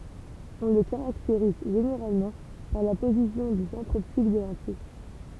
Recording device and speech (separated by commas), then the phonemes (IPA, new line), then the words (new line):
temple vibration pickup, read sentence
ɔ̃ lə kaʁakteʁiz ʒeneʁalmɑ̃ paʁ la pozisjɔ̃ de sɑ̃tʁz ɔptik de lɑ̃tij
On le caractérise généralement par la position des centres optiques des lentilles.